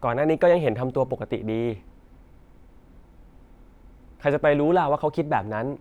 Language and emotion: Thai, frustrated